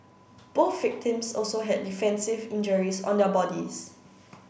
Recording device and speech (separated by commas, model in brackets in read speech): boundary microphone (BM630), read sentence